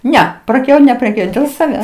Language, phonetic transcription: Lithuanian, ˈne praˈkiau nepreˈkiauj dėl saˈvęs

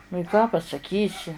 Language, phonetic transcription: Lithuanian, nu i ką pasaˈkysi

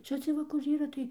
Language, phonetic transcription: Lithuanian, ˈčia ciej ˈva kur ˈyra tai

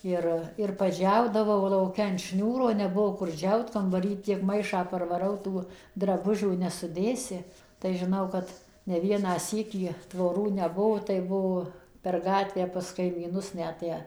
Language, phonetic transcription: Lithuanian, ˈir ir paˈdžiaudavau lauˈke an ˈšniūro neˈbuvo kur ˈdžiaut kambaˈry tiek ˈmaišą parvaˈrau ˈtų draˈbužių nesuˈdėsi tai žiˈnau kad ne ˈvieną ˈsykį tvoˈrų neˈbuo tai ˈbuo per ˈgatvę pas kaimyˈnus ˈnet ˈtę

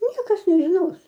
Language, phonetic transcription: Lithuanian, ˈniekas nežiˈnos

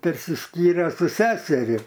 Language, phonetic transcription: Lithuanian, persiˈskyre su ˈseseri

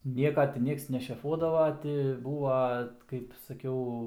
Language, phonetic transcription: Lithuanian, ˈnieka ti ˈnieks nešeˈfuodava ˈti ˈbūva kaip saˈkiau

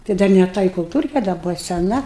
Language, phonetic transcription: Lithuanian, tai ˈdar ne ˈta i kulˈtūrke da ˈbuva seˈna

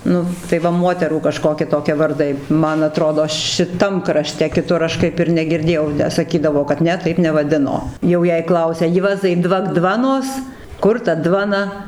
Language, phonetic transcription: Lithuanian, ˈnu tai va ˈmuoterų kaˈžkoki ˈtokie varˈdai ˈman aˈtrodo šiˈtam kraˈšte kiˈtur aš ˈkaip ir negirˈdėjau tę saˈkydavo kad ˈne ˈtaip nevaˈdino ˈjau jei ˈklausia ˈjuozai ˈdvak ˈdvanos ˈkur ta ˈdvana

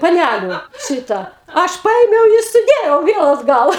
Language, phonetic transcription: Lithuanian, paˈnæliu ˈšyta ˈaš ˈpaėmiau i suˈdėjau ˈviel atˈgal

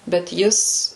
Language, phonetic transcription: Lithuanian, bet ˈjis

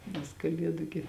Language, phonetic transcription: Lithuanian, nes kaˈliedu gi

